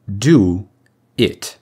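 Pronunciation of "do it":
'Do it' is said the direct way, with no extra sound added between 'do' and 'it'.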